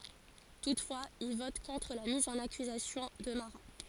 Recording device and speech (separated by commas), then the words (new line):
forehead accelerometer, read sentence
Toutefois, il vote contre la mise en accusation de Marat.